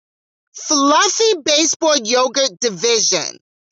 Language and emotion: English, disgusted